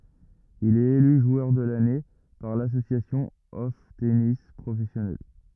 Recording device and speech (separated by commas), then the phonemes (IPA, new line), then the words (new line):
rigid in-ear microphone, read sentence
il ɛt ely ʒwœʁ də lane paʁ lasosjasjɔ̃ ɔf tenis pʁofɛsjonals
Il est élu joueur de l'année par l'Association of Tennis Professionals.